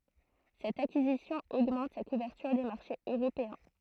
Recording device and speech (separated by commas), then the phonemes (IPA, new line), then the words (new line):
throat microphone, read sentence
sɛt akizisjɔ̃ oɡmɑ̃t sa kuvɛʁtyʁ de maʁʃez øʁopeɛ̃
Cette acquisition augmente sa couverture des marchés européens.